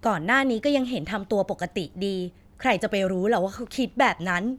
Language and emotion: Thai, frustrated